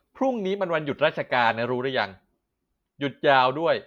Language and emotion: Thai, frustrated